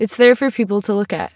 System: none